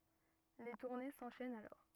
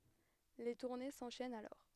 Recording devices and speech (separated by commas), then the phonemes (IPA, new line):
rigid in-ear microphone, headset microphone, read sentence
le tuʁne sɑ̃ʃɛnt alɔʁ